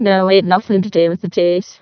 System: VC, vocoder